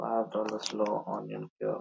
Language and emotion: English, sad